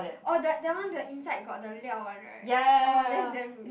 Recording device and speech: boundary microphone, conversation in the same room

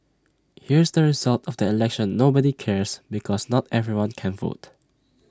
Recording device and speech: standing microphone (AKG C214), read sentence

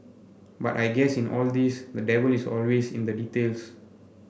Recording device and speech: boundary microphone (BM630), read sentence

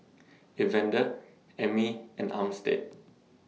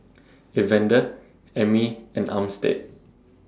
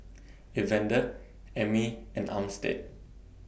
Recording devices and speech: mobile phone (iPhone 6), standing microphone (AKG C214), boundary microphone (BM630), read sentence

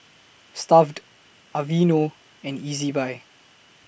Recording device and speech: boundary microphone (BM630), read sentence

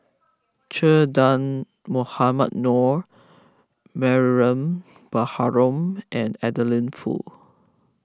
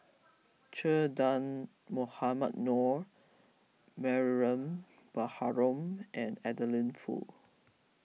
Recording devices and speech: close-talking microphone (WH20), mobile phone (iPhone 6), read sentence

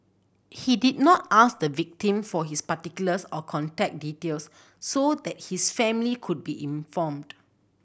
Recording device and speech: boundary microphone (BM630), read sentence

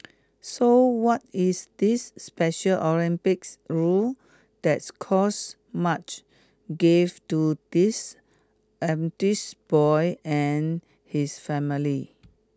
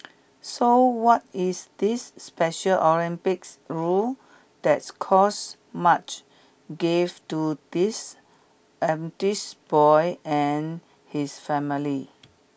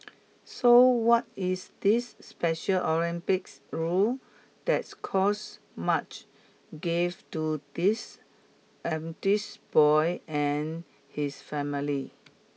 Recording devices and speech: close-talking microphone (WH20), boundary microphone (BM630), mobile phone (iPhone 6), read sentence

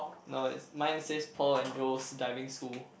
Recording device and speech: boundary microphone, conversation in the same room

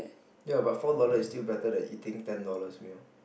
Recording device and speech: boundary microphone, conversation in the same room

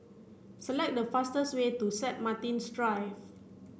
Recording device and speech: boundary microphone (BM630), read sentence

